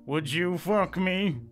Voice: In weird deep voice